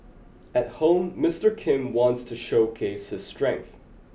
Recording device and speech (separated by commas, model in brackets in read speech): boundary microphone (BM630), read sentence